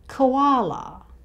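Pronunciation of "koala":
In 'koala', the first syllable has only a schwa sound, with no O sound. This is the Australian way of saying it, and the stress falls on the middle syllable, 'wa'.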